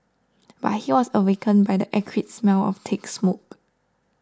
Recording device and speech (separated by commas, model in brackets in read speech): standing microphone (AKG C214), read sentence